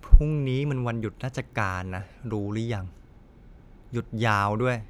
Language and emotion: Thai, frustrated